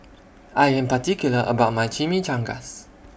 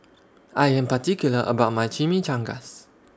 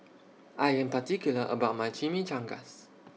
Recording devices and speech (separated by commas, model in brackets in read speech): boundary microphone (BM630), standing microphone (AKG C214), mobile phone (iPhone 6), read sentence